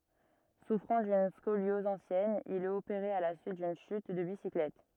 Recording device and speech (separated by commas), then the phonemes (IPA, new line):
rigid in-ear microphone, read sentence
sufʁɑ̃ dyn skoljɔz ɑ̃sjɛn il ɛt opeʁe a la syit dyn ʃyt də bisiklɛt